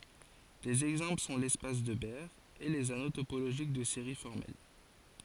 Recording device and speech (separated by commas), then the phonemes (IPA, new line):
forehead accelerometer, read sentence
dez ɛɡzɑ̃pl sɔ̃ lɛspas də bɛʁ e lez ano topoloʒik də seʁi fɔʁmɛl